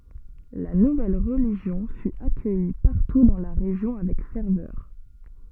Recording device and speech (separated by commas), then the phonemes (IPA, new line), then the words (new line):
soft in-ear microphone, read sentence
la nuvɛl ʁəliʒjɔ̃ fy akœji paʁtu dɑ̃ la ʁeʒjɔ̃ avɛk fɛʁvœʁ
La nouvelle religion fut accueillie partout dans la région avec ferveur.